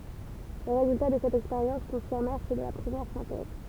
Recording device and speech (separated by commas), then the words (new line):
temple vibration pickup, read sentence
Les résultats de cette expérience confirmèrent ceux de la première synthèse.